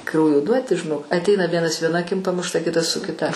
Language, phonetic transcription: Lithuanian, ˈkraujo ˈduoti žiˈnok atˈeina ˈvienas vieˈna aˈkim pamušˈta ˈkitas su kiˈta

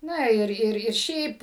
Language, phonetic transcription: Lithuanian, ˈna ˈir ˈir ir ˈšiaip

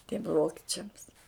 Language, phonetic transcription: Lithuanian, tiem ˈvokičiams

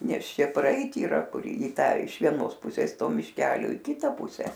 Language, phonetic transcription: Lithuanian, ˈnes ˈšia praˈeit yˈra ˈkur i ˈtą iš vieˈnos ˈpusės ˈto mišˈkelio i ˈkita ˈpuse

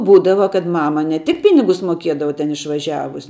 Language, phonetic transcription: Lithuanian, ˈbūdava kad ˈmama ne ˈtik ˈpinigus moˈkiedava ten išvaˈžiavus

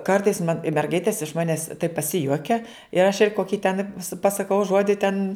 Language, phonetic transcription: Lithuanian, ˈkartais man i merˈgaitės iš ˈmanes taip paˈsijuokia ir aš ir ˈkoki ten pasaˈkau ˈžuodi ten

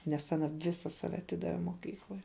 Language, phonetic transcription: Lithuanian, nes aˈna ˈvisa ˈsave aˈtidave moˈkyklai

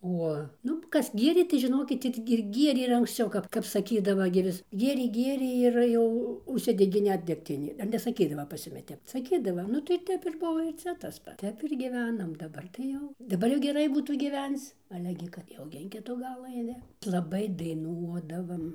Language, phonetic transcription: Lithuanian, ˈo ˈnu ˈkas ˈgierė tai žiˈnokit ir ir ˈgierė ir anksˈciau ˈkap kap saˈkydava gi ˈvis ˈgierė ˈgierė ir ˈjau užˈsidegė ˈnet degˈtinė ar nesaˈkydava pas ˈjumi ˈtep saˈkydava nu tai ˈtep ir ˈbuvo ir ˈcia tas ˈpats ˈtep ir gyˈvenam daˈbar tai ˈjau daˈbar jau geˈrai ˈbūtų gyˈvenc ˈale gi kad ˈjau gi in ˈkitu ˈgalu aiˈni laˈbai daiˈnuodavam

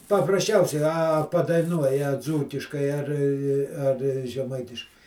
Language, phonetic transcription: Lithuanian, paprasˈčiausiai ˈa padaiˈnuoja ˈdzūkiškai ar ar žeˈmaitiškai

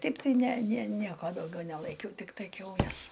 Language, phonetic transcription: Lithuanian, ˈtaip tai ˈne ne ˈnieko dauˈgiau nelaiˈkiau ˈtiktai kiauˈles

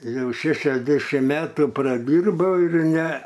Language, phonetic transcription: Lithuanian, ˈjau ˈšešiasdešim ˈmetų praˈdyrbau ir ˈne

